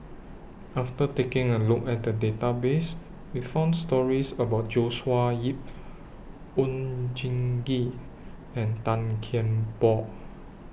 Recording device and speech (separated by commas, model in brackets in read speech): boundary microphone (BM630), read sentence